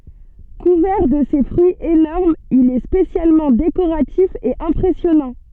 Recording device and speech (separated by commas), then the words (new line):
soft in-ear microphone, read sentence
Couvert de ses fruits énormes il est spécialement décoratif et impressionnant.